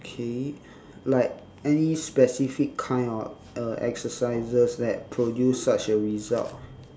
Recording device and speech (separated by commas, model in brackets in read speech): standing microphone, conversation in separate rooms